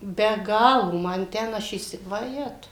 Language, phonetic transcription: Lithuanian, be ˈgalo ˈman ˈten ˈaš įˈsi vaˈjetau

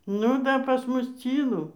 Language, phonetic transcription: Lithuanian, nu ˈda pas ˈmus ˈcylu

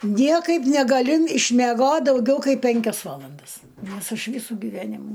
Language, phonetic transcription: Lithuanian, ˈniekaip negaˈliu išmeˈgot dauˈgiau ˈkaip ˈpenkias ˈvalandas ˈnors ˈaš ˈvysu gyˈvenimu

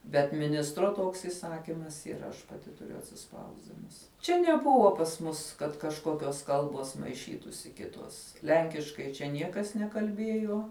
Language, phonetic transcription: Lithuanian, bet miˈnistro ˈtoks įˈsakymas yˈra aš paˈti tuˈriu atsiˈspausdinus ˈčia neˈbuvo pas ˈmus kad kažˈkokios ˈkalbos maiˈšytųsi ˈkitos ˈlenkiškai čia ˈniekas nekalˈbiejuo

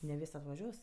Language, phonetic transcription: Lithuanian, ne ˈvis' atvaˈžiuos

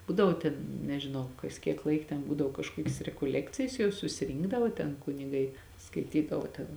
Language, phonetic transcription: Lithuanian, ˈbūdavo ten nežiˈnau ˈkas kiek ˈlaik ten ˈbūdavo kažˈkuokis rekoˈlekcijas jau susiˈrynkdavo ten kuniˈgai skaiˈtydavo ten

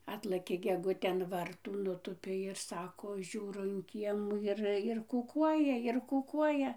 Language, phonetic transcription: Lithuanian, ˈatlɘkė geˈgutė an ˈvartų nuˈtūpė ir ˈsako ˈžiūro in ˈkiemų ir ir kuˈkuoja ir kuˈkuoja

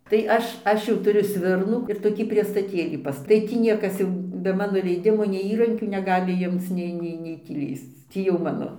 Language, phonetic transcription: Lithuanian, tai ˈaš ˈaš jau tuˈriu ˈsvirnų ir toˈkį priestaˈtėlį pasˈta tai ˈtį ˈniekas jau be ˈmano leiˈdimo nei ˈįrankių neˈgali ˈjimc ˈnei ˈnei nei ˈtį ˈlįsc ˈtį jau ˈmano

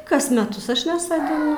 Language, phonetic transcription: Lithuanian, ˈkas meˈtus ˈaš nesodiˈnu

